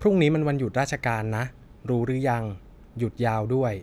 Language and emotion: Thai, neutral